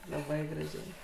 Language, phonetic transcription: Lithuanian, laˈbai graˈžiai

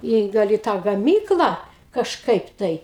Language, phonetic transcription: Lithuanian, ˈį ˈgal į ˈtą gaˈmyklą kažˈkaip ˈtai

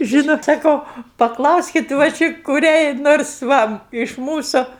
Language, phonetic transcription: Lithuanian, ˈžynot saˈkau paˈklauskit va ˈči kuˈriai ˈnors ˈva iš ˈmūsu

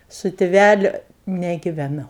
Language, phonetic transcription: Lithuanian, su tiˈvæliu negiveˈnau

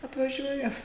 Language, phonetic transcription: Lithuanian, atvaˈžiuoja

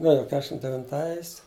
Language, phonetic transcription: Lithuanian, nu ˈjo ˈkešim devinˈtais

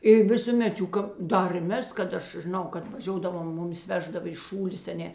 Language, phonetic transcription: Lithuanian, i visuˈmet ˈjų kap ˈdar ir ˈmes kad ˈaš žiˈnau kad vaˈžiodavom ˈmuˌmis ˈveždava iš ˈšūlės a ˈne

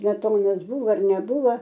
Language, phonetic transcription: Lithuanian, smeˈtonas ˈbūvo ar neˈbūva

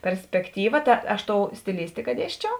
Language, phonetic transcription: Lithuanian, perspekˈtyva ˈta ˈaš ˈtou stiˈlistika ˈdiesčiau

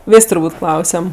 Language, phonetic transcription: Lithuanian, ˈvės' turˈbūt' ˈklausiam

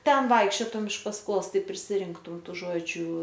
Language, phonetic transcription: Lithuanian, ˈten ˈvaikščiotum iš pasˈkos ˈtai prisiˈrinktum ˈtų ˈžodžiu

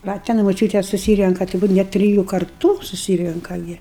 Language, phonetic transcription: Lithuanian, ˈva ten moˈčiūtės suˈsyrenka tai ˈbūt ˈnet triˈjų karˈtų suˈsyrenka ˈgi

